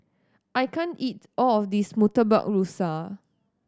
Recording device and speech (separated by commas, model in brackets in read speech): standing microphone (AKG C214), read sentence